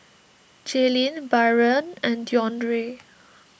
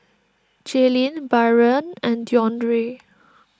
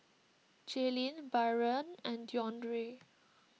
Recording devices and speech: boundary microphone (BM630), standing microphone (AKG C214), mobile phone (iPhone 6), read sentence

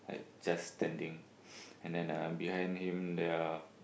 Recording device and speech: boundary microphone, conversation in the same room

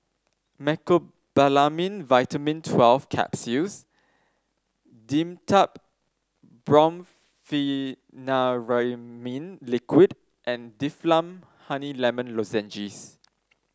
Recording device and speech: standing microphone (AKG C214), read sentence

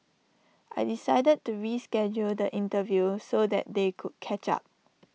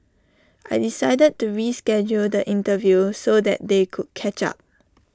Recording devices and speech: mobile phone (iPhone 6), standing microphone (AKG C214), read sentence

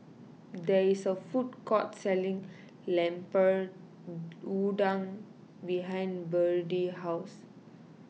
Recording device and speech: mobile phone (iPhone 6), read sentence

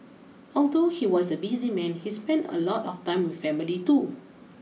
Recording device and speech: mobile phone (iPhone 6), read sentence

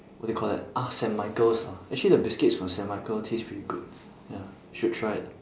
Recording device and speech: standing microphone, conversation in separate rooms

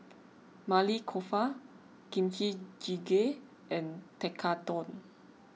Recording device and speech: mobile phone (iPhone 6), read sentence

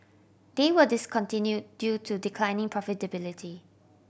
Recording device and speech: boundary microphone (BM630), read sentence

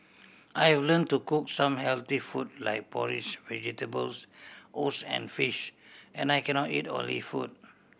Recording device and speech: boundary microphone (BM630), read sentence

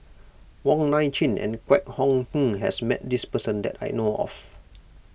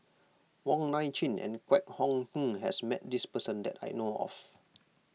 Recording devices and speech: boundary microphone (BM630), mobile phone (iPhone 6), read sentence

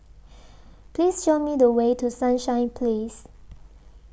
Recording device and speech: boundary microphone (BM630), read sentence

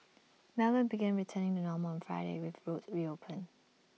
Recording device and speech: mobile phone (iPhone 6), read sentence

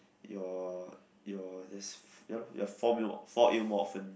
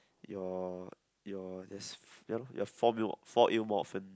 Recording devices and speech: boundary microphone, close-talking microphone, conversation in the same room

